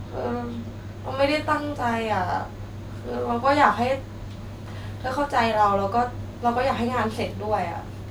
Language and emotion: Thai, sad